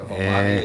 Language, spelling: Finnish, ee
- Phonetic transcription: 'ee ,.

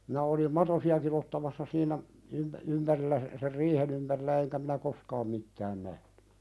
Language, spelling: Finnish, minä olin matosiakin ottamassa siinä - ympärillä - sen riihen ympärillä enkä minä koskaan mitään nähnyt
- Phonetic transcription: minä olim 'matosi₍akin ‿ottamassa siinä , ympᵃ̈- , 'ympärillä s- , ser "riihen ‿ympärillä eŋkä minä "koskaam 'mittään nähɴʏ .

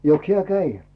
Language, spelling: Finnish, jokos hän kävi
- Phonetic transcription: 'joks hiä "käi ?

